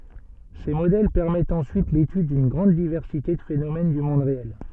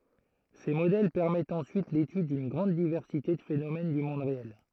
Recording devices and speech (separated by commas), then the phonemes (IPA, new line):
soft in-ear microphone, throat microphone, read sentence
se modɛl pɛʁmɛtt ɑ̃syit letyd dyn ɡʁɑ̃d divɛʁsite də fenomɛn dy mɔ̃d ʁeɛl